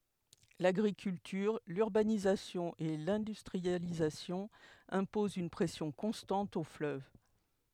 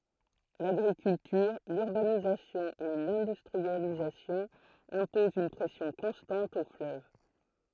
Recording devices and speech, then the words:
headset microphone, throat microphone, read sentence
L'agriculture, l'urbanisation et l'industrialisation imposent une pression constante au fleuve.

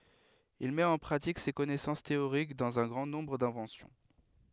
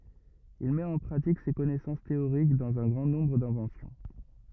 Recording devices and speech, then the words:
headset microphone, rigid in-ear microphone, read sentence
Il met en pratique ses connaissances théoriques dans un grand nombre d'inventions.

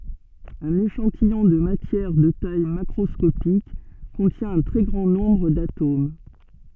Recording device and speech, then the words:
soft in-ear microphone, read sentence
Un échantillon de matière de taille macroscopique contient un très grand nombre d'atomes.

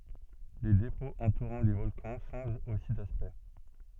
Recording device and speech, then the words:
soft in-ear microphone, read sentence
Les dépôts entourant les volcans changent aussi d'aspect.

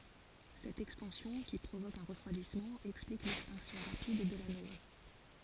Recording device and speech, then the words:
forehead accelerometer, read sentence
Cette expansion, qui provoque un refroidissement, explique l'extinction rapide de la nova.

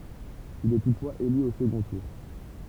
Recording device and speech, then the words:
temple vibration pickup, read sentence
Il est toutefois élu au second tour.

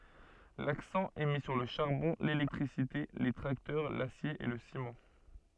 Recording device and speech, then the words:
soft in-ear microphone, read sentence
L'accent est mis sur le charbon, l'électricité, les tracteurs, l'acier et le ciment.

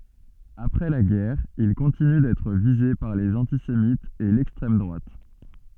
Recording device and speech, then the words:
soft in-ear microphone, read sentence
Après la guerre, il continue d'être visé par les antisémites et l'extrême droite.

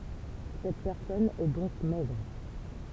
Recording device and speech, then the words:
temple vibration pickup, read sentence
Cette personne est donc maigre.

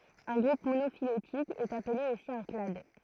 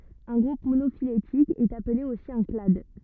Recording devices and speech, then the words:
throat microphone, rigid in-ear microphone, read sentence
Un groupe monophylétique est appelé aussi un clade.

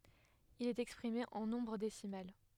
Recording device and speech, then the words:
headset microphone, read sentence
Il est exprimé en nombre décimal.

